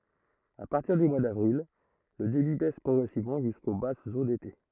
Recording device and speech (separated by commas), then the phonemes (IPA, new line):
throat microphone, read sentence
a paʁtiʁ dy mwa davʁil lə debi bɛs pʁɔɡʁɛsivmɑ̃ ʒysko basz o dete